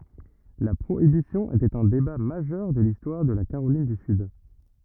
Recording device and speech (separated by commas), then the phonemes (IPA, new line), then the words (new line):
rigid in-ear microphone, read sentence
la pʁoibisjɔ̃ etɛt œ̃ deba maʒœʁ də listwaʁ də la kaʁolin dy syd
La Prohibition était un débat majeur de l'histoire de la Caroline du Sud.